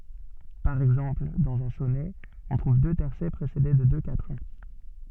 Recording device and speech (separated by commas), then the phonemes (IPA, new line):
soft in-ear microphone, read sentence
paʁ ɛɡzɑ̃pl dɑ̃z œ̃ sɔnɛ ɔ̃ tʁuv dø tɛʁsɛ pʁesede də dø katʁɛ̃